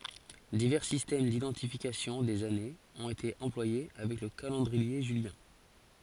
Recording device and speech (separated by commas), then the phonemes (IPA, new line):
forehead accelerometer, read sentence
divɛʁ sistɛm didɑ̃tifikasjɔ̃ dez anez ɔ̃t ete ɑ̃plwaje avɛk lə kalɑ̃dʁie ʒyljɛ̃